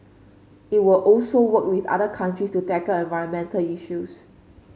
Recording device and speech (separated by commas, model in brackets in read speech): mobile phone (Samsung C5), read sentence